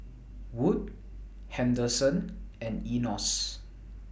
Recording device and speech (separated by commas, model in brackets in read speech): boundary microphone (BM630), read sentence